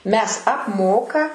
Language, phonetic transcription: Lithuanian, ˈmes apˈmoka

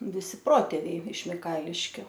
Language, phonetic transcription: Lithuanian, viˈsi ˈprotėviai iš miˈkailiškiu

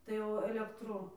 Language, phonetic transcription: Lithuanian, tai ˈjau alekˈtru

